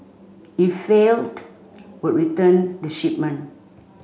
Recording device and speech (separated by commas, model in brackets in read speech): mobile phone (Samsung C5), read sentence